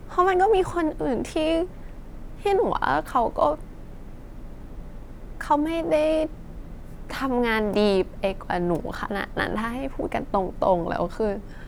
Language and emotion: Thai, sad